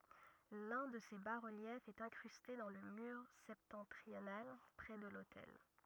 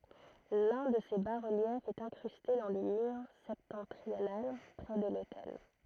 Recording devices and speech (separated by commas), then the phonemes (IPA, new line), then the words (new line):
rigid in-ear microphone, throat microphone, read sentence
lœ̃ də se ba ʁəljɛfz ɛt ɛ̃kʁyste dɑ̃ lə myʁ sɛptɑ̃tʁional pʁɛ də lotɛl
L’un de ces bas-reliefs est incrusté dans le mur septentrional, près de l’autel.